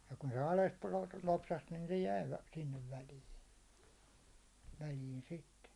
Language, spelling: Finnish, ja kun se alas - lopsahti niin se jäi sinne väliin väliin sitten
- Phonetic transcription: ja kun se ales (pulot-) 'lopsaht nin se 'jäi sinnev 'väliin̬ , väliin 'sitte .

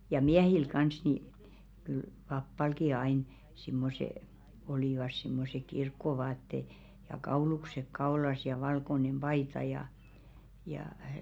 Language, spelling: Finnish, ja miehillä kanssa niin kyllä papallakin aina semmoiset olivat semmoiset kirkkovaatteet ja kaulukset kaulassa ja valkoinen paita ja ja
- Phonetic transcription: ja "miɛhil kans ni , kyl "pappalki 'ain , simmose , olìvas simmose 'kirkkovaatte , ja "kauluksek 'kaolas ja 'valkonem 'ʙaita ja , jaa .

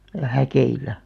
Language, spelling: Finnish, ja häkeillä
- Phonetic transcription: ja "häkeilä .

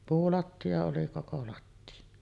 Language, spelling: Finnish, puulattia oli koko lattia
- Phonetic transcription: 'puulatti₍a oli 'koko 'latti₍a .

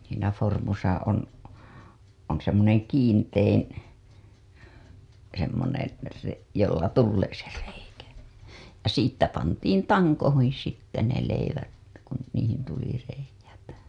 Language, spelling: Finnish, siinä vormussa on on semmoinen kiintein semmoinen - jolla tulee se reikä ja siitä pantiin tankoihin sitten ne leivät kun niihin tuli reiät
- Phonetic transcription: siinä formusa on , on̬ semmoneŋ 'kiintein̬ , semmoneḛ , re- , jolla "tullee se reikä , ja siittä 'pantiin "taŋkohiḭ sitte ne 'leivät , kun niihin tuli reij̆jät .

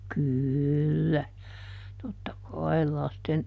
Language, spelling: Finnish, kyllä totta kai lasten
- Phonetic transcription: "kỳllä , ˈtotta "kai̮l ˈlasten ,.

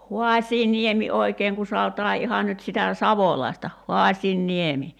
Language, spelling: Finnish, Hoasianniemi oikein kun sanotaan ihan nyt sitä savolaista Haasianniemi
- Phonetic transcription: "Huaśiiniemi 'oi̬keeŋ ku 'saotaa 'iha nyt sitä "savolai̬sta , "Hoaśiin'niemi .

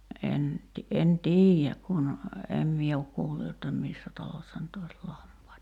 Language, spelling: Finnish, en - en tiedä kun en minä ole kuullut jotta missä talossa nyt olisi lampaita
- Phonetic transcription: 'en , ti- , en "tiijjäk kun , 'em mie ok 'kuullu jotta "missä talossa nyt ‿ois 'lampaita .

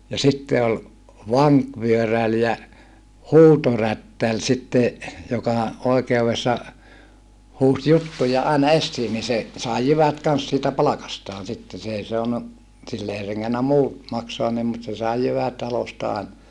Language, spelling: Finnish, ja sitten oli vankivyöräri ja huutorättäri sitten joka oikeudessa huusi juttuja aina esiin niin se sai jyvät kanssa siitä palkastaan sitten se ei saanut sille ei rengännyt muu maksaa niin mutta se sai jyvät talosta aina
- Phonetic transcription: ja sitte ol , vaŋkvyöräl ja , huutorättäl sitte , joka , oikeuvessa , huus juttuja àina essii ni se , sài jyvät kans siitä palakastaan sitte s ‿èi soanu , sill ‿ei reŋŋennä muu , maksoan nim mut se sài jyvät talosta àina .

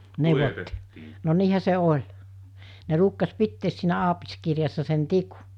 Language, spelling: Finnish, neuvottiin no niinhän se oli ne ruukasi pitää siinä aapiskirjassa sen tikun
- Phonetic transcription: 'nèuvottii , no 'niihä se 'oĺ , ne 'ruukkas 'pittees siinä 'aapiskirjassa sen 'tikᴜ .

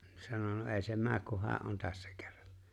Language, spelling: Finnish, no sanoi no ei se mene kun hän on tässä kerran
- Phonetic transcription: (no) 'sano » no '’e̬e̬ se "määk kuh 'hää , ’on 'tässᴀ̈ kᴇʀʀᴀɴ « .

